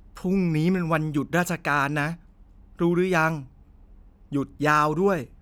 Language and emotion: Thai, neutral